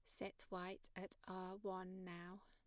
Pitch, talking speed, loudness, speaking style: 185 Hz, 160 wpm, -52 LUFS, plain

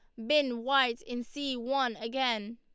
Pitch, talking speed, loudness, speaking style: 250 Hz, 160 wpm, -30 LUFS, Lombard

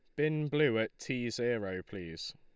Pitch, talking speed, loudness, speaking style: 120 Hz, 165 wpm, -34 LUFS, Lombard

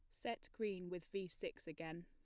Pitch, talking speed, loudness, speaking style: 180 Hz, 195 wpm, -47 LUFS, plain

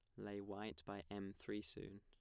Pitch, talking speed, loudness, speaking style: 100 Hz, 200 wpm, -50 LUFS, plain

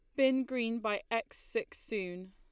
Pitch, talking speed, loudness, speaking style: 230 Hz, 170 wpm, -35 LUFS, Lombard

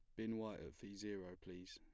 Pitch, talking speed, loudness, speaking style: 100 Hz, 235 wpm, -50 LUFS, plain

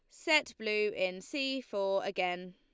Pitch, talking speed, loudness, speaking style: 210 Hz, 155 wpm, -33 LUFS, Lombard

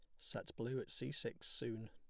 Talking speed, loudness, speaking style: 215 wpm, -45 LUFS, plain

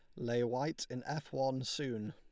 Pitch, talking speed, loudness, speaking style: 125 Hz, 190 wpm, -38 LUFS, Lombard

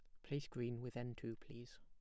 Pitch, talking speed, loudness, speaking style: 120 Hz, 230 wpm, -48 LUFS, plain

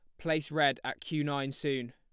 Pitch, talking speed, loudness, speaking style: 145 Hz, 210 wpm, -32 LUFS, plain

